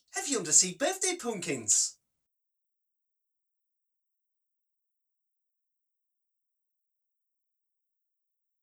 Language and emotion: English, happy